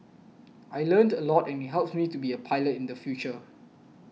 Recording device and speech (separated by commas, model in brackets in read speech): mobile phone (iPhone 6), read sentence